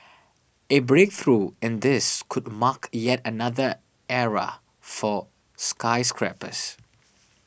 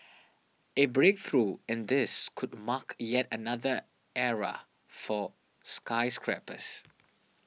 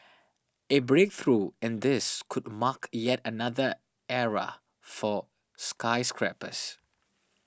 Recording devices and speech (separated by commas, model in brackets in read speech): boundary microphone (BM630), mobile phone (iPhone 6), standing microphone (AKG C214), read sentence